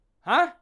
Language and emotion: Thai, angry